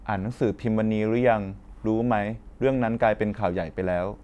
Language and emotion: Thai, neutral